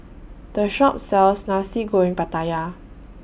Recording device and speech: boundary microphone (BM630), read sentence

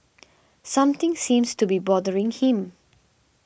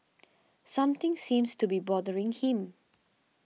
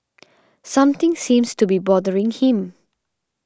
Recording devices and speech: boundary microphone (BM630), mobile phone (iPhone 6), standing microphone (AKG C214), read sentence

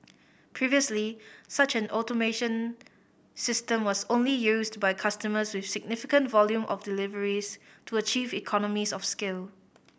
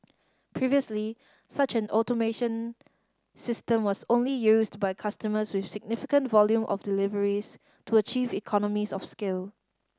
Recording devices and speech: boundary microphone (BM630), standing microphone (AKG C214), read sentence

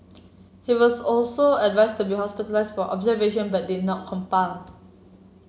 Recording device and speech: mobile phone (Samsung C7), read sentence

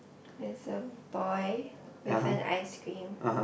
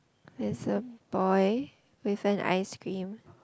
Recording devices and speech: boundary microphone, close-talking microphone, conversation in the same room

